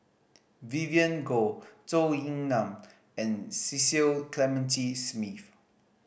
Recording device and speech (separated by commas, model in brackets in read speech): boundary microphone (BM630), read sentence